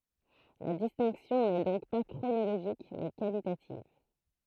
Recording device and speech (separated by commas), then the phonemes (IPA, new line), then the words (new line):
throat microphone, read sentence
la distɛ̃ksjɔ̃ nɛ dɔ̃k pa kʁonoloʒik mɛ kalitativ
La distinction n'est donc pas chronologique mais qualitative.